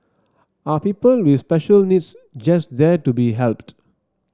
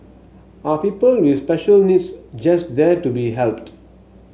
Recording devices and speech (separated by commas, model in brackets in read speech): standing microphone (AKG C214), mobile phone (Samsung S8), read sentence